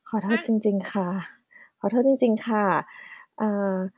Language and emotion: Thai, neutral